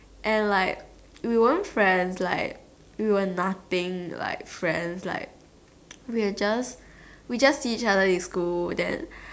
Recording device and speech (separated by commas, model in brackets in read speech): standing microphone, conversation in separate rooms